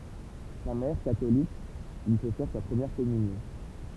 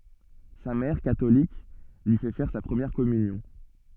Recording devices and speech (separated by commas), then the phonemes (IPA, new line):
temple vibration pickup, soft in-ear microphone, read sentence
sa mɛʁ katolik lyi fɛ fɛʁ sa pʁəmjɛʁ kɔmynjɔ̃